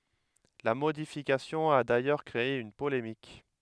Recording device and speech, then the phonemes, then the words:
headset microphone, read sentence
la modifikasjɔ̃ a dajœʁ kʁee yn polemik
La modification a d'ailleurs créé une polémique.

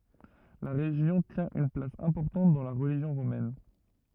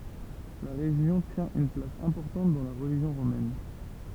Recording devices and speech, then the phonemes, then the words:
rigid in-ear microphone, temple vibration pickup, read sentence
la ʁeʒjɔ̃ tjɛ̃ yn plas ɛ̃pɔʁtɑ̃t dɑ̃ la ʁəliʒjɔ̃ ʁomɛn
La région tient une place importante dans la religion romaine.

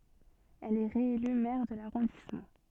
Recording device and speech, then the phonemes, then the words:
soft in-ear microphone, read sentence
ɛl ɛ ʁeely mɛʁ də laʁɔ̃dismɑ̃
Elle est réélue maire de l'arrondissement.

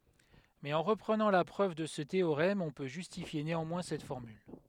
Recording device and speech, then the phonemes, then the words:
headset microphone, read sentence
mɛz ɑ̃ ʁəpʁənɑ̃ la pʁøv də sə teoʁɛm ɔ̃ pø ʒystifje neɑ̃mwɛ̃ sɛt fɔʁmyl
Mais en reprenant la preuve de ce théorème on peut justifier néanmoins cette formule.

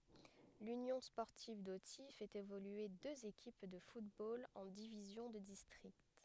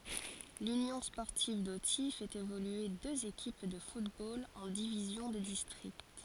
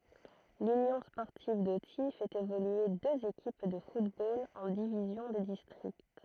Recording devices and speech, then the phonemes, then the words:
headset microphone, forehead accelerometer, throat microphone, read sentence
lynjɔ̃ spɔʁtiv doti fɛt evolye døz ekip də futbol ɑ̃ divizjɔ̃ də distʁikt
L'Union sportive d'Authie fait évoluer deux équipes de football en divisions de district.

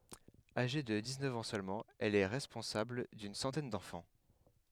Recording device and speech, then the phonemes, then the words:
headset microphone, read sentence
aʒe də diksnœf ɑ̃ sølmɑ̃ ɛl ɛ ʁɛspɔ̃sabl dyn sɑ̃tɛn dɑ̃fɑ̃
Âgée de dix-neuf ans seulement, elle est responsable d’une centaine d’enfants.

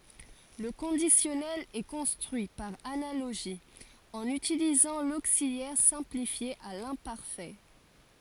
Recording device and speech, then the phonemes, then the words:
forehead accelerometer, read sentence
lə kɔ̃disjɔnɛl ɛ kɔ̃stʁyi paʁ analoʒi ɑ̃n ytilizɑ̃ loksiljɛʁ sɛ̃plifje a lɛ̃paʁfɛ
Le conditionnel est construit par analogie, en utilisant l'auxiliaire simplifié à l'imparfait.

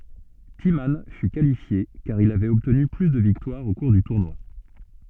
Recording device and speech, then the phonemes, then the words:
soft in-ear microphone, read sentence
timmɑ̃ fy kalifje kaʁ il avɛt ɔbtny ply də viktwaʁz o kuʁ dy tuʁnwa
Timman fut qualifié car il avait obtenu plus de victoires au cours du tournoi.

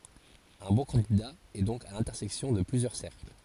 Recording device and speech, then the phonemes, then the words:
forehead accelerometer, read sentence
œ̃ bɔ̃ kɑ̃dida ɛ dɔ̃k a lɛ̃tɛʁsɛksjɔ̃ də plyzjœʁ sɛʁkl
Un bon candidat est donc à l'intersection de plusieurs cercles.

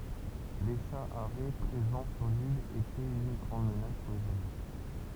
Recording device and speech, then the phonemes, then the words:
temple vibration pickup, read sentence
le ʃa aʁɛ pʁezɑ̃ syʁ lil etɛt yn ɡʁɑ̃d mənas puʁ lez wazo
Les chats harets présents sur l’île étaient une grande menace pour les oiseaux.

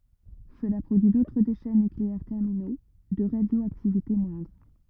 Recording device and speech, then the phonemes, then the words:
rigid in-ear microphone, read sentence
səla pʁodyi dotʁ deʃɛ nykleɛʁ tɛʁmino də ʁadjoaktivite mwɛ̃dʁ
Cela produit d'autres déchets nucléaires terminaux, de radioactivité moindre.

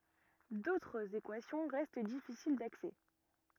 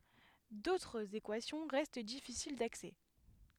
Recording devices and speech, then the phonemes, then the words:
rigid in-ear microphone, headset microphone, read sentence
dotʁz ekwasjɔ̃ ʁɛst difisil daksɛ
D'autres équations restent difficiles d'accès.

